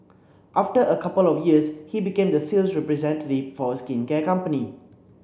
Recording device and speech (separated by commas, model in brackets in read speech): boundary microphone (BM630), read sentence